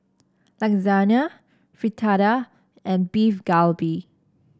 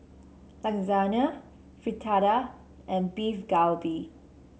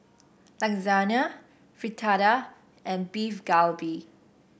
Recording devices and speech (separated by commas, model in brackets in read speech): standing microphone (AKG C214), mobile phone (Samsung C7), boundary microphone (BM630), read sentence